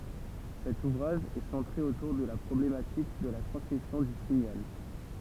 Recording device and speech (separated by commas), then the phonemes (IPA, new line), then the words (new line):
temple vibration pickup, read sentence
sɛt uvʁaʒ ɛ sɑ̃tʁe otuʁ də la pʁɔblematik də la tʁɑ̃smisjɔ̃ dy siɲal
Cet ouvrage est centré autour de la problématique de la transmission du signal.